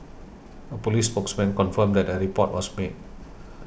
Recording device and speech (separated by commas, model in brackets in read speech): boundary microphone (BM630), read sentence